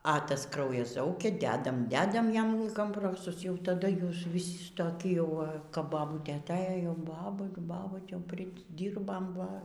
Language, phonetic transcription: Lithuanian, a ˈtas ˈkraujas ˈzaukia ˈdedam ˈdedam ˈjam komˈprosus ˈjau taˈda ˈjūs viˈsi toˈki jau kap baˈbūtė aˈtėjo jau ˈbabu ˈbabūt' ˈjau priˈdyrbam ˈva

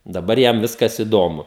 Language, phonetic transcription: Lithuanian, daˈbar ˈjam ˈviskas iˈdomu

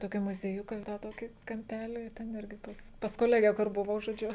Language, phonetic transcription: Lithuanian, toˈkį muzieˈjuką tą ˈtokį kamˈpelį ten ˈirgiˈ pas pas koˈlege kur buˈvau žoˈdžiu

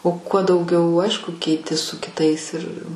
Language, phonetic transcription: Lithuanian, o kuo dauˈgiau ˈaišku keiˈti su kiˈtais ir

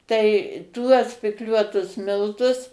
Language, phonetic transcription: Lithuanian, ˈtai ˈtuos pikˈliuotus ˈmiltus

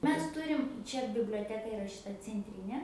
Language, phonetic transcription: Lithuanian, ˈmes ˈturim ˈčia biblioˈteka iˈra šiˈta cenˈtrynė

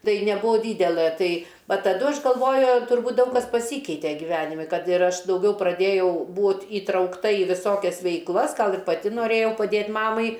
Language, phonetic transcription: Lithuanian, ˈtai neˈbūvo ˈdydelɘ ˈtai ˈva taˈdu ˈaš galˈvoju turˈbūt ˈdaug kas paˈsykeite gyˈvenimi ˈkad ir ˈaš dauˈgiau praˈdėjau ˈbūt įtraukˈta i viˈsokias veikˈlas ˈgal ir paˈti noˈrėjau paˈdėt ˈmamai

